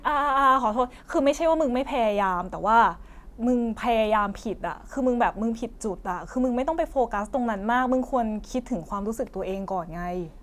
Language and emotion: Thai, frustrated